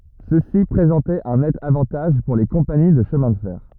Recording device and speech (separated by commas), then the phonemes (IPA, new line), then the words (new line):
rigid in-ear microphone, read sentence
səsi pʁezɑ̃tɛt œ̃ nɛt avɑ̃taʒ puʁ le kɔ̃pani də ʃəmɛ̃ də fɛʁ
Ceci présentait un net avantage pour les compagnies de chemin de fer.